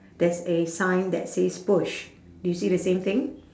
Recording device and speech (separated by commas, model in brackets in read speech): standing microphone, conversation in separate rooms